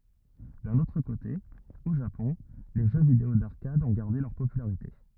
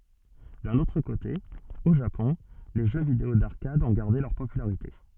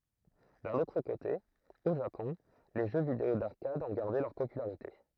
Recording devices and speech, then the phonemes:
rigid in-ear microphone, soft in-ear microphone, throat microphone, read sentence
dœ̃n otʁ kote o ʒapɔ̃ le ʒø video daʁkad ɔ̃ ɡaʁde lœʁ popylaʁite

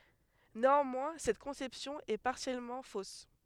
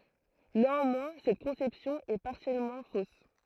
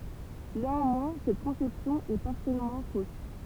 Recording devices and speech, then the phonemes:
headset microphone, throat microphone, temple vibration pickup, read sentence
neɑ̃mwɛ̃ sɛt kɔ̃sɛpsjɔ̃ ɛ paʁsjɛlmɑ̃ fos

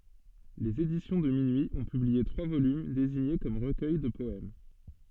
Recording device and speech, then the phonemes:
soft in-ear microphone, read sentence
lez edisjɔ̃ də minyi ɔ̃ pyblie tʁwa volym deziɲe kɔm ʁəkœj də pɔɛm

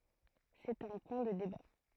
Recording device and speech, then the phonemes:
throat microphone, read sentence
sɛt œ̃ pwɛ̃ də deba

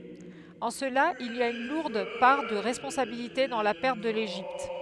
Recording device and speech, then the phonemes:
headset microphone, read sentence
ɑ̃ səla il a yn luʁd paʁ də ʁɛspɔ̃sabilite dɑ̃ la pɛʁt də leʒipt

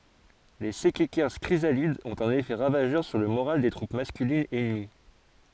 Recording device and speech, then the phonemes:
forehead accelerometer, read sentence
le sɛkɛkɛʁs kʁizalidz ɔ̃t œ̃n efɛ ʁavaʒœʁ syʁ lə moʁal de tʁup maskylinz ɛnəmi

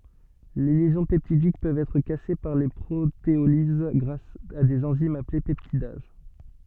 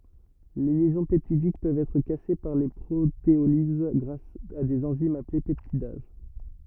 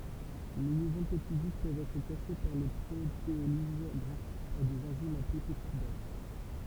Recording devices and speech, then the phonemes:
soft in-ear microphone, rigid in-ear microphone, temple vibration pickup, read sentence
le ljɛzɔ̃ pɛptidik pøvt ɛtʁ kase paʁ pʁoteoliz ɡʁas a dez ɑ̃zimz aple pɛptidaz

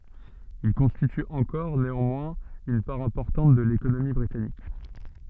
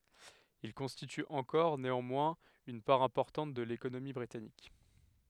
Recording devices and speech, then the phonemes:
soft in-ear microphone, headset microphone, read sentence
il kɔ̃stity ɑ̃kɔʁ neɑ̃mwɛ̃z yn paʁ ɛ̃pɔʁtɑ̃t də lekonomi bʁitanik

